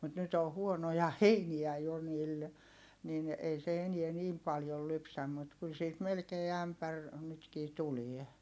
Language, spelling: Finnish, mutta nyt on huonoja heiniä jo niillä niin ei se enää niin paljon lypsä mutta kyllä siitä melkein ämpäri nytkin tulee
- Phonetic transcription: mut nyt ‿o huonoja heiniä jo niil , nin , ei se eniɛ niim paljol lypsäm mut kyl siit melkee ämpär , nytkii tulie .

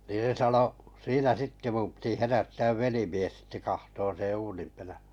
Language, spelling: Finnish, niin se sanoi siinä sitten minun piti herättää velimies sitten katsomaan sen uunin -
- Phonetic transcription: nii se 'sano , siinä 'sitte mum piti 'herättääv "velimies sitte 'kahtoon̬ seḛ 'uunim perä- .

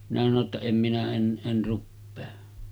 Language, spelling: Finnish, minä sanoi jotta en minä en en rupea
- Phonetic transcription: minä sano ‿tta » 'em minä 'en , 'en̳§ ruppee « .

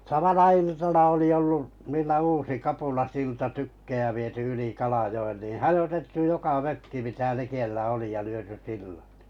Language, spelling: Finnish, samana iltana oli ollut niillä uusi kapulasilta tykkejä viety yli Kalajoen niin hajotettu joka mökki mitä likellä oli ja lyöty sillat
- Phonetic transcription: 'samana 'iltana oli ollu , 'niillä "uusi 'kapulasilta 'tykkeʲä viety 'yli 'Kalajo₍enn nì 'hajotettu 'joka 'mökki mitä 'likellä oli ja lyöty 'sillᴀt .

